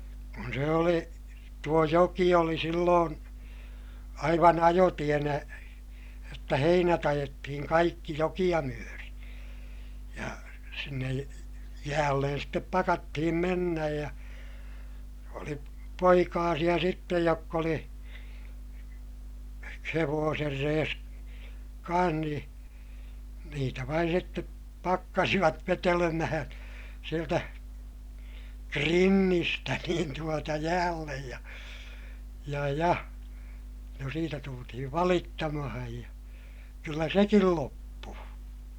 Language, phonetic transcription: Finnish, kun se oli , tuo joki oli silloon , aivan ‿ajotienä , jotta heinät ‿ajettihiŋ kaikki jokiʲa myöri , ja sinnej jäällen step pakattihim mennäj ja , oli poikaasiʲa sittej jokk ‿oli , hevooser rees , kaa̰h nii , niitä vain sitte , pakkasivat vetelemähää̰ , sieltä , krinnistä niin tuota jäällej ja , ja ja , no siitä tultihiv valittamahaj ja , kyllä sekil loppuu .
- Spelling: kun se oli tuo joki oli silloin aivan ajotienä jotta heinät ajettiin kaikki jokea myöten ja sinne jäälle sitten pakattiin mennä ja oli poikasia sitten jotka oli hevosen reessä kanssa niin niitä vain sitten pakkasivat vetelemään sieltä krinnistä niin tuota jäälle ja ja ja no siitä tultiin valittamaan ja kyllä sekin loppui

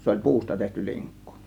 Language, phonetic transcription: Finnish, 'se oĺ "puusta tehty "liŋkkU .
- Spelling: se oli puusta tehty linkku

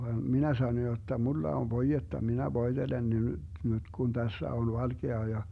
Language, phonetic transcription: Finnish, vaan 'minä sano jotta » 'mulla ov 'voijetta , 'minä 'voiDelen ne nyD , nyD Gun 'Dässä on 'valGea » ja , .
- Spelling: vaan minä sanoin jotta minulla on voidetta minä voitelen ne nyt nyt kun tässä on valkea ja

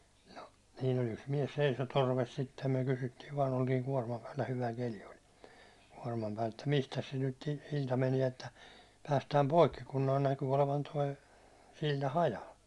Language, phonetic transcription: Finnish, no , siin ‿ol yks 'miä§s 'seiso "torves sittem (myö) 'kysyttiiv vaan ‿oltiiŋ 'kuårmam päällä 'hyvä 'keli oĺ , kuårmam päält [et]tä » mistäs se nyt 'sil̜ta meniɛ että , päästääm "poikki kun noi 'näky olevan 'toi , 'sil̜ta "hajal « .
- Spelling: no siinä oli yksi mies seisoi torvesi sitten me kysyttiin vain oltiin kuorman päällä hyvä keli oli kuorman päältä että mistäs se nyt silta menee että päästään poikki kun nuo näkyi olevan tuo silta hajalla

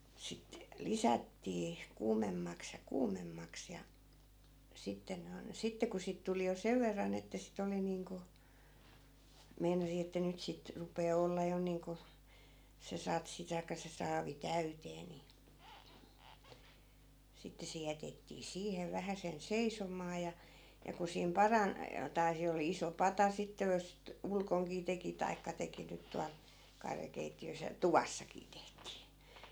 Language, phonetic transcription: Finnish, 'sit , "lisättii , 'kuumemmaks ja 'kuumemmaks ja , 'sitten ne on , 'sitte ku 'siit tuli jo 'sev verran ‿että si't ‿oli niiŋku , 'meinasi että 'nyt sit , 'rup̀ee 'ol̀ee 'jo niiŋku , se 'satsi taikka se 'saavi "täytee ni , 'sitte se jätettii 'siihev 'vähäsen 'seisom̀aa ja , ja ku siim "paran , tai̮ 'se oli 'iso "pata sitte jos (sit) , 'ulkoŋkii teki taikka 'teki nyt 'tual , 'karjakeitti₍ös ja , "tuvassakii 'tehtii .
- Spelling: sitten lisättiin kuumemmaksi ja kuumemmaksi ja sitten ne on sitten kun siitä tuli jo sen verran että sitä oli niin kuin meinasi että nyt sitä rupeaa olemaan jo niin kuin se satsi tai se saavi täyteen niin sitten se jätettiin siihen vähäsen seisomaan ja ja kun siinä parani tai se oli iso pata sitten jos sitä ulkonakin teki tai teki nyt tuolla karjakeittiössä ja tuvassakin tehtiin

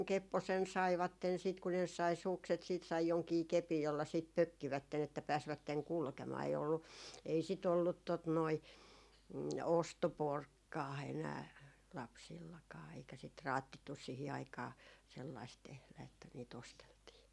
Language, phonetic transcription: Finnish, 'kepposen 'saivatten sit ku ne sai 'sukset siit sai 'joŋkii 'kepij jolla sìt "pökkivätten että 'pääsvätteŋ "kulkemaa ei ollu , ei si't ‿ollut tot noi , "osto'porkkaa enää , 'lapsillakaa eikä sit "raattittus̆ 'sihi aikaa , sellaist tehlä että nii't ‿osteltii .
- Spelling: kepposen saivat sitten kun ne sai sukset sitten sai jonkin kepin jolla sitten pökkivät että pääsivät kulkemaan ei ollut ei sitä ollut tuota noin ostoporkkaa enää lapsillakaan eikä sitä raatsittu siihen aikaan sellaista tehdä että niitä osteltiin

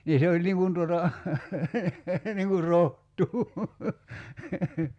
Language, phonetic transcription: Finnish, nii 'se oĺ niŋ kun tuota , 'niŋ kur "roht̀uu .
- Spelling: niin se oli niin kuin tuota niin kuin rohtoa

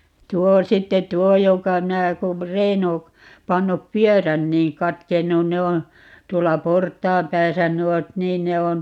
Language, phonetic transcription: Finnish, 'tuo 'sitte "t̀uo 'joka - 'minä kum , 'Reino , 'pannup "pyörän niiŋ 'katkennun - 'ne on̬ , 'tuolla "port̀aam 'pääsä 'nuot "niin ne on ,.
- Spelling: tuo sitten tuo joka minä kun Reino pannut pyörän niin katkennut ne on tuolla portaan päässä nuo niin ne on

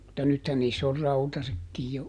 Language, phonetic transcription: Finnish, mutta ˈnythän niiss ‿or "rautasekkij jo ,.
- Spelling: mutta nythän niissä on rautaisetkin jo

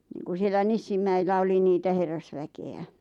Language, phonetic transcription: Finnish, niiŋku sielä 'Nissimmäillä oli niitä 'herrasväke₍ä .
- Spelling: niin kuin siellä Nissinmäillä oli niitä herrasväkeä

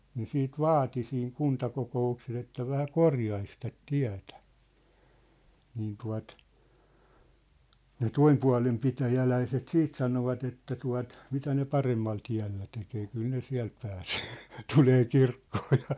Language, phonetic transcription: Finnish, 'ne 'siit "vaati siiŋ "kuntakoko₍ukses ‿että 'vähä "korjais tät 'tiä̭tᴀ̈ , niin tua̭t , ne "toimpua̭lem 'pitäjäläiset "siit 'sanovat ‿että tua̭t , » 'mitä ne "paremmal 'tiä̭llä 'tekee , 'kyl ne "siä̭l pääsee , "tulee "kirkkoo ja . «
- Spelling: ne sitten vaati siinä kuntakokouksessa että vähän korjaisi tätä tietä niin tuo ne toisen puolen pitäjäläiset sitten sanoivat että tuota mitä ne paremmalla tiellä tekee kyllä ne siellä pääsee tulee kirkkoon ja

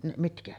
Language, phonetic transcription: Finnish, mitkä .
- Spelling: mitkä

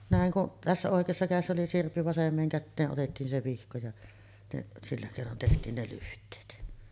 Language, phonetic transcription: Finnish, nä̀eŋ kuˀ , 'tässä 'òek̀eessa kä̀essä oli 'sirppi 'vasem̆meeŋ kättee’ ’otettiin 'se 'vihko ja , neˀ , sillä kèinon tehtiin ne 'lyht̀eet .
- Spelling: näin kun tässä oikeassa kädessä oli sirppi vasempaan käteen otettiin se vihko ja ne sillä keinoin tehtiin ne lyhteet

